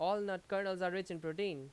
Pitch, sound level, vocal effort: 190 Hz, 92 dB SPL, very loud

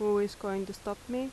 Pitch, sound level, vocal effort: 205 Hz, 84 dB SPL, normal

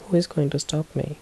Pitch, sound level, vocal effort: 150 Hz, 72 dB SPL, soft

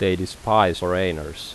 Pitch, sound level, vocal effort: 90 Hz, 84 dB SPL, normal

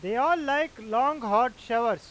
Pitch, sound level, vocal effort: 230 Hz, 102 dB SPL, loud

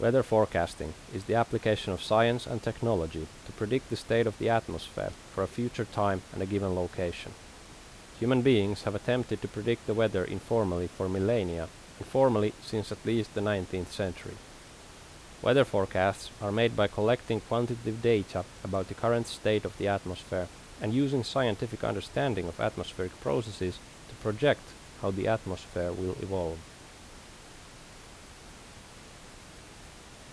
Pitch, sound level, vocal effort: 105 Hz, 82 dB SPL, normal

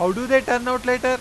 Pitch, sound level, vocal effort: 250 Hz, 100 dB SPL, loud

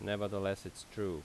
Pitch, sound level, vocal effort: 100 Hz, 83 dB SPL, normal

